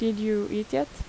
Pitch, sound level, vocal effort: 205 Hz, 82 dB SPL, normal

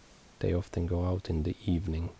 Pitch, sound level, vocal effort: 85 Hz, 71 dB SPL, soft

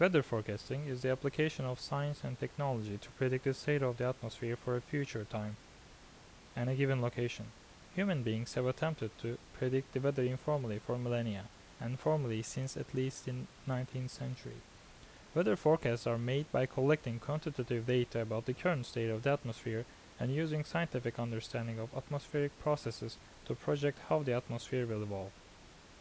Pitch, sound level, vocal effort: 125 Hz, 81 dB SPL, normal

